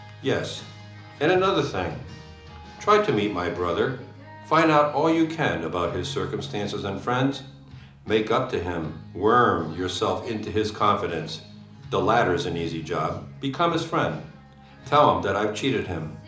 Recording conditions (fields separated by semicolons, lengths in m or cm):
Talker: one person; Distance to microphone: 2.0 m; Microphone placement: close; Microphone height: 99 cm; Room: medium-sized (5.7 m by 4.0 m); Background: music